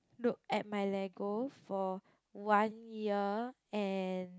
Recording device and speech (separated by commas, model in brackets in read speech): close-talking microphone, conversation in the same room